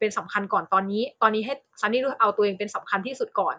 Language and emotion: Thai, neutral